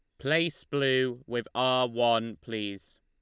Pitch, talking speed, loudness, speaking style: 125 Hz, 130 wpm, -28 LUFS, Lombard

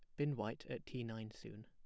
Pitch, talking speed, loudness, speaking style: 120 Hz, 250 wpm, -45 LUFS, plain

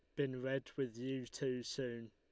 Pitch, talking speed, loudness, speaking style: 130 Hz, 190 wpm, -42 LUFS, Lombard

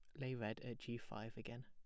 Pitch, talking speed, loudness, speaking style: 120 Hz, 250 wpm, -49 LUFS, plain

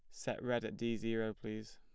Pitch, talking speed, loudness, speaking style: 115 Hz, 230 wpm, -40 LUFS, plain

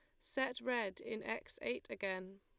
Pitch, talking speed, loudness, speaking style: 235 Hz, 165 wpm, -41 LUFS, Lombard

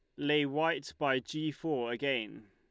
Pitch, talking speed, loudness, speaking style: 145 Hz, 155 wpm, -33 LUFS, Lombard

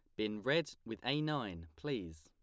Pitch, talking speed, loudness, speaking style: 105 Hz, 175 wpm, -39 LUFS, plain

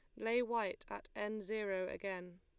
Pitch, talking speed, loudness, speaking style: 210 Hz, 165 wpm, -41 LUFS, Lombard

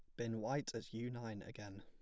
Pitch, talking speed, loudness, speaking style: 115 Hz, 225 wpm, -45 LUFS, plain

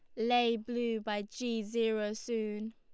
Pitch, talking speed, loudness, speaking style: 225 Hz, 140 wpm, -34 LUFS, Lombard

